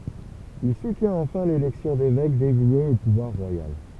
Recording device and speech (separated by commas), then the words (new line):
temple vibration pickup, read sentence
Il soutient enfin l’élection d’évêques dévoués au pouvoir royal.